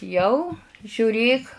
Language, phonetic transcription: Lithuanian, ˈjau žiuˈrėk

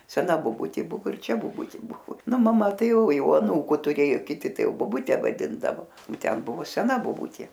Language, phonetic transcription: Lithuanian, seˈna boˈbutė ˈbuvo ir ˈčia boˈbuti ˈbuvo ˈnu maˈma ˈtai ˈjau ˈjau aˈnūku tuˈrėju kiˈti ˈtai boˈbute vaˈdindavo o ˈten ˈbuvo seˈna boˈbutė

